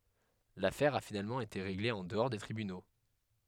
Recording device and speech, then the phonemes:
headset microphone, read sentence
lafɛʁ a finalmɑ̃ ete ʁeɡle ɑ̃ dəɔʁ de tʁibyno

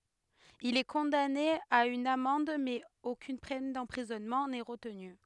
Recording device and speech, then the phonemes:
headset microphone, read sentence
il ɛ kɔ̃dane a yn amɑ̃d mɛz okyn pɛn dɑ̃pʁizɔnmɑ̃ nɛ ʁətny

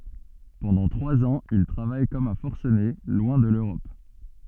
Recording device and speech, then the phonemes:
soft in-ear microphone, read sentence
pɑ̃dɑ̃ tʁwaz ɑ̃z il tʁavaj kɔm œ̃ fɔʁsəne lwɛ̃ də løʁɔp

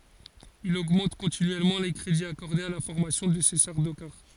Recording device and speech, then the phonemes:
forehead accelerometer, read sentence
il oɡmɑ̃t kɔ̃tinyɛlmɑ̃ le kʁediz akɔʁdez a la fɔʁmasjɔ̃ də se saʁdokaʁ

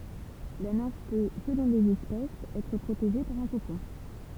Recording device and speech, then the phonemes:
temple vibration pickup, read sentence
la nɛ̃f pø səlɔ̃ lez ɛspɛsz ɛtʁ pʁoteʒe paʁ œ̃ kokɔ̃

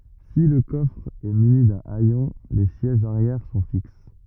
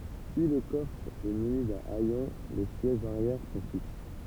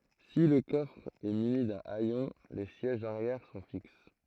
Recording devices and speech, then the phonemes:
rigid in-ear microphone, temple vibration pickup, throat microphone, read sentence
si lə kɔfʁ ɛ myni dœ̃ ɛjɔ̃ le sjɛʒz aʁjɛʁ sɔ̃ fiks

